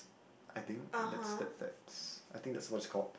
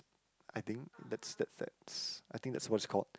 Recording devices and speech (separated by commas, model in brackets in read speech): boundary microphone, close-talking microphone, conversation in the same room